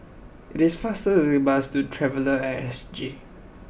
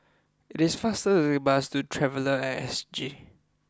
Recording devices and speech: boundary microphone (BM630), close-talking microphone (WH20), read sentence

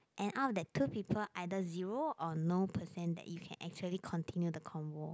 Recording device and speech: close-talking microphone, conversation in the same room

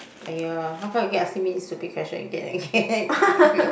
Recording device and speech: boundary microphone, conversation in the same room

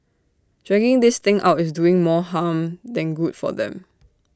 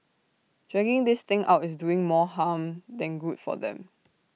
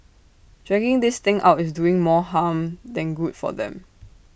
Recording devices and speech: standing microphone (AKG C214), mobile phone (iPhone 6), boundary microphone (BM630), read sentence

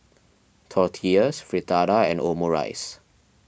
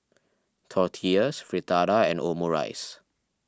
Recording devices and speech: boundary microphone (BM630), standing microphone (AKG C214), read sentence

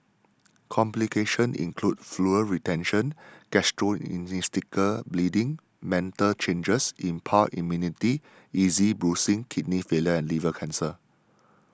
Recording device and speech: standing microphone (AKG C214), read sentence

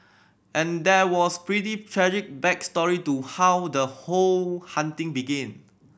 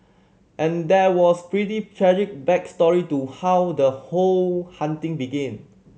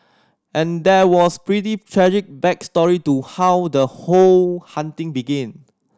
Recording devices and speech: boundary microphone (BM630), mobile phone (Samsung C7100), standing microphone (AKG C214), read sentence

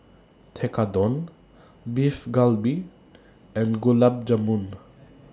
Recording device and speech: standing microphone (AKG C214), read sentence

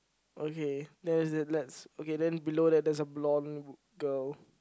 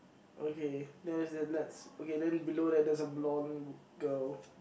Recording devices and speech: close-talking microphone, boundary microphone, conversation in the same room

